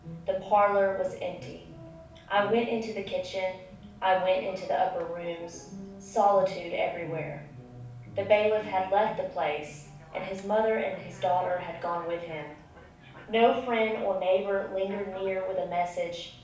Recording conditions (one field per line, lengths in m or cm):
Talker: one person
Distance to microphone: 5.8 m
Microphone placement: far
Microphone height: 1.8 m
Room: medium-sized (5.7 m by 4.0 m)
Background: television